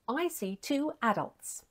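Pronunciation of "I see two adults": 'Adults' is said the way it is in England, with the stress on the first syllable.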